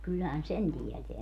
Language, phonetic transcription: Finnish, 'kylhän "sen 'tieteä .
- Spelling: kyllähän sen tietää

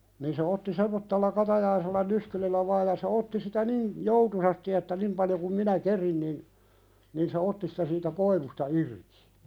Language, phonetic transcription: Finnish, nii se otti "semmottella 'katajaisella "nyskylillä vaaʲ ja se 'otti sitä "niin , 'joutusasti että "nim paljo kum "minä 'kerin nin , nin se "otti sitä siitä "koivusta 'irkɪ .
- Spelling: niin se otti semmoisella katajaisella nyskyrillä vain ja se otti sitä niin joutuisasti että niin paljon kuin minä kerin niin niin se otti sitä siitä koivusta irti

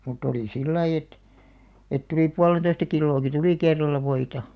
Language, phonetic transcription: Finnish, mut'ᵗ ‿olì "sillai et , et 'tulì 'pualen̬toista 'killooki "tulì 'kerral̆la 'voita .
- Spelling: mutta oli sillä lailla että että tuli puolentoista kiloakin tuli kerralla voita

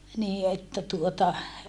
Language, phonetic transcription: Finnish, nii että tuota ,.
- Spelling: niin että tuota

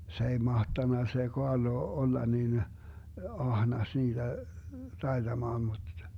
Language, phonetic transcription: Finnish, 'se ei 'mahtanna se 'Koarlo 'olla nin , 'ahnas 'niiDä , 'taiDamaan muD ,.
- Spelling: se ei mahtanut se Kaarlo olla niin ahnas niitä taitamaan mutta

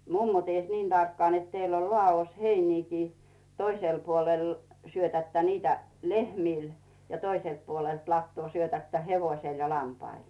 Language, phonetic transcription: Finnish, 'mummo ties "niin 'tarkkᵒàn net » 'teill ‿ol 'lᵒà₍os "heiniikii , 'toisèl puolèl , syötättä niitä , "lehmìl ja , 'toiselt puolelt lattᵘò 'syötättä "hevoⁱsel ja 'lampail « .
- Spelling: mummo tiesi niin tarkkaan että teillä on ladossa heiniäkin toisella puolella syötätte niitä lehmille ja toiselta puolelta latoa syötätte hevoselle ja lampaille

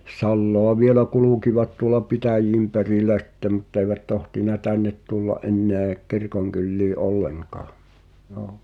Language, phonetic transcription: Finnish, 'salloa vielä "kulùkivat tuola "pitäj̆jiim 'perìlä sᴵtte mut't ‿eivät tohtina "tännet tulla’ '’ennèᵃ̈ , 'kirkoŋkyllii "’olleŋkaa , (j)oo .
- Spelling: salaa vielä kulkivat tuolla pitäjien perillä sitten mutta eivät tohtinut tänne tulla enää kirkonkyliin ollenkaan joo

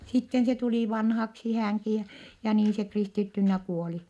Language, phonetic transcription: Finnish, sitten se tulì vanhaksi häŋki ja , ja niin se kristittynnä kuoli .
- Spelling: sitten se tuli vanhaksi hänkin ja ja niin se kristittynä kuoli

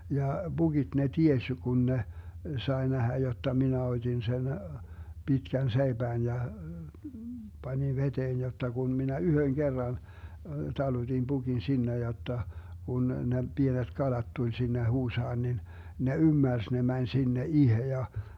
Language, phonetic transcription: Finnish, ja 'BuGiD ne 'tieś jo 'kun ne , 'sae 'nähä jotta minä 'ot́in sen , 'Bitkän "seiBään ja , 'Bańin "veteen jotta kun 'minä "yhöŋ 'Gerran , 'taluDin 'BuGin 'sinne jotta , kun ne 'Bienet 'kalat tuĺ sinne 'huusaan nin , 'ne "ymmärs ne 'mäń 'sinne "ihe ja .
- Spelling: ja pukit ne tiesi jo kun ne sai nähdä jotta minä otin sen pitkän seipään ja panin veteen jotta kun minä yhden kerran talutin pukin sinne jotta kun ne pienet kalat tuli sinne huusaan niin ne ymmärsi ne meni sinne itse ja

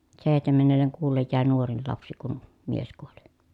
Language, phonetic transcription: Finnish, sèi̮htemennelleŋ kuullej jä̀e nuorin lapsi kun , mies kuoli .
- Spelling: seitsemännelle kuulle jäi nuorin lapsi kun mies kuoli

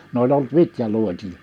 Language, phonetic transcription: Finnish, n ‿oĺ olt 'vitjaluotin(a) .
- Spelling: ne oli ollut vitjaluotina

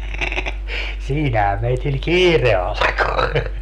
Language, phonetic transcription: Finnish, "siinähä meitil "kiire alᵃko .
- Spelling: siinähän meillä kiire alkoi

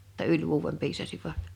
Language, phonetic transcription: Finnish, [jo]tta "yĺ vuuwem 'piisasiva[t] .
- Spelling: jotta yli vuoden piisasivat

